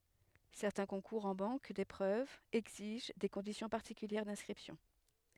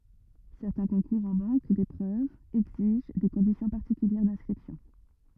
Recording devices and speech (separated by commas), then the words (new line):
headset microphone, rigid in-ear microphone, read sentence
Certains concours en banque d’épreuves exigent des conditions particulières d’inscription.